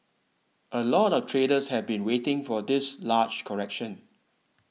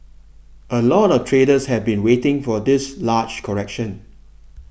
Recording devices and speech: mobile phone (iPhone 6), boundary microphone (BM630), read sentence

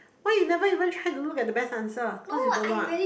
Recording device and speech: boundary microphone, conversation in the same room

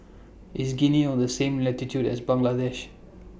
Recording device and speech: boundary microphone (BM630), read sentence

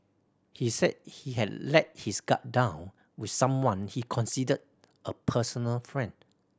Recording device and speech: standing microphone (AKG C214), read sentence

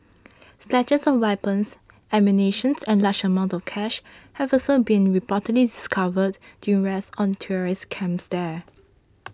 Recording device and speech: standing microphone (AKG C214), read sentence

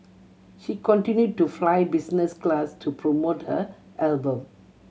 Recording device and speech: mobile phone (Samsung C7100), read sentence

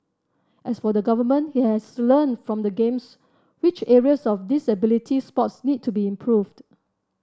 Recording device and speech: standing microphone (AKG C214), read sentence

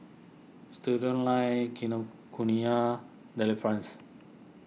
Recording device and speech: mobile phone (iPhone 6), read sentence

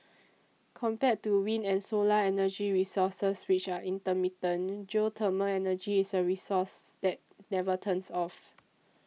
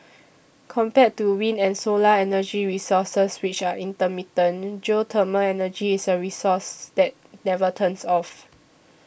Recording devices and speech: mobile phone (iPhone 6), boundary microphone (BM630), read sentence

